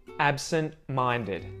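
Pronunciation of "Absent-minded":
In 'absent-minded', the t after the n in 'absent' is muted.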